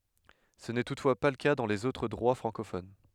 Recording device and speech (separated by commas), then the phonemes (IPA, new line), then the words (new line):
headset microphone, read sentence
sə nɛ tutfwa pa lə ka dɑ̃ lez otʁ dʁwa fʁɑ̃kofon
Ce n'est toutefois pas le cas dans les autres droits francophones.